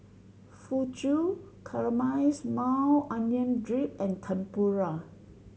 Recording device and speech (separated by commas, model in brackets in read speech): mobile phone (Samsung C7100), read sentence